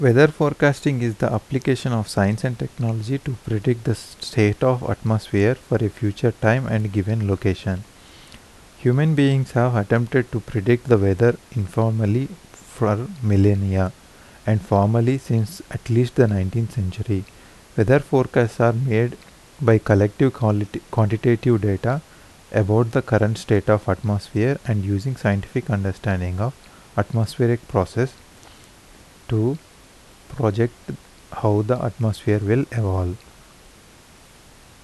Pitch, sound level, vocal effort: 115 Hz, 79 dB SPL, soft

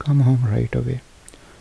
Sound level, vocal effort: 72 dB SPL, soft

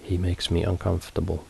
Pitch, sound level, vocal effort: 90 Hz, 70 dB SPL, soft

